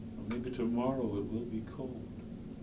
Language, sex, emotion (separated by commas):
English, male, sad